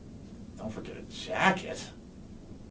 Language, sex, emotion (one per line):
English
male
disgusted